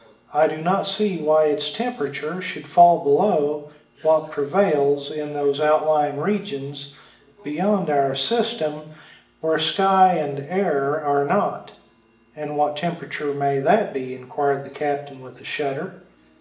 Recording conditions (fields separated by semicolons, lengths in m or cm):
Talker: one person; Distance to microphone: 1.8 m; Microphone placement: close; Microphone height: 1.0 m; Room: large; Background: television